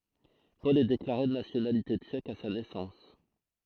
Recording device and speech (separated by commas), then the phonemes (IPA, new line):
throat microphone, read sentence
pɔl ɛ deklaʁe də nasjonalite tʃɛk a sa nɛsɑ̃s